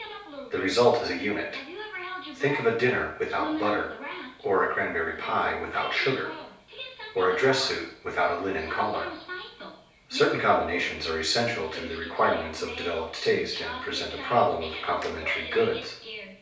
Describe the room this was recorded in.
A small space.